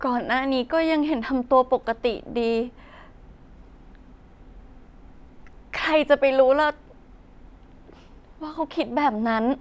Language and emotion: Thai, sad